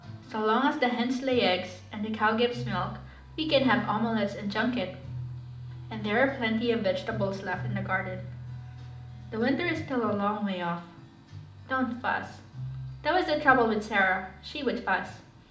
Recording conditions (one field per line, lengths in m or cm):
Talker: one person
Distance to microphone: 2.0 m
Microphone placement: close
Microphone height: 99 cm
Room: medium-sized (5.7 m by 4.0 m)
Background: music